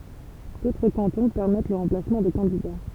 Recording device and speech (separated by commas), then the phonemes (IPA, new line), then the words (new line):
temple vibration pickup, read sentence
dotʁ kɑ̃tɔ̃ pɛʁmɛt lə ʁɑ̃plasmɑ̃ də kɑ̃dida
D'autres cantons permettent le remplacement de candidats.